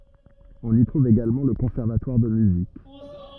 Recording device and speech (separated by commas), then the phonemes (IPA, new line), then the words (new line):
rigid in-ear microphone, read sentence
ɔ̃n i tʁuv eɡalmɑ̃ lə kɔ̃sɛʁvatwaʁ də myzik
On y trouve également le conservatoire de musique.